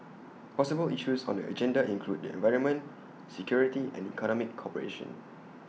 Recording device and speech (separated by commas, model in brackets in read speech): mobile phone (iPhone 6), read sentence